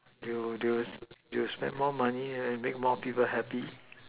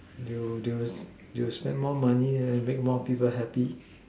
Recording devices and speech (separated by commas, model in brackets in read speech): telephone, standing microphone, conversation in separate rooms